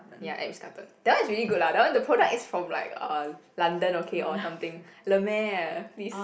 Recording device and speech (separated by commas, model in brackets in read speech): boundary microphone, conversation in the same room